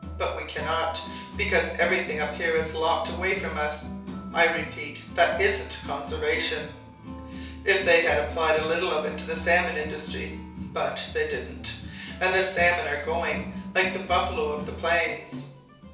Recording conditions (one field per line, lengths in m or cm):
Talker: one person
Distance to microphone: 3.0 m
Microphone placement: far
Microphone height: 1.8 m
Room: small (3.7 m by 2.7 m)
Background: music